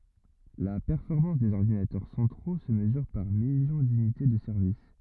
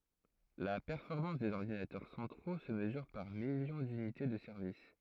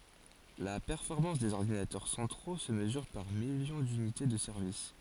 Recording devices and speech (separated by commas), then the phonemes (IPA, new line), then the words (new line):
rigid in-ear microphone, throat microphone, forehead accelerometer, read sentence
la pɛʁfɔʁmɑ̃s dez ɔʁdinatœʁ sɑ̃tʁo sə məzyʁ paʁ miljɔ̃ dynite də sɛʁvis
La performance des ordinateurs centraux se mesure par millions d'unités de service.